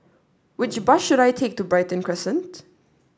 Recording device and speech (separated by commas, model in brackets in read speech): standing microphone (AKG C214), read sentence